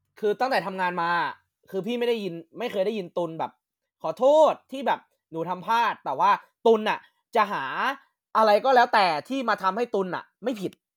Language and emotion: Thai, frustrated